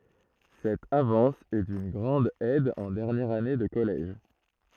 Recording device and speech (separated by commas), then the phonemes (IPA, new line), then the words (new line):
throat microphone, read sentence
sɛt avɑ̃s ɛ dyn ɡʁɑ̃d ɛd ɑ̃ dɛʁnjɛʁ ane də kɔlɛʒ
Cette avance est d'une grande aide en dernière année de collège.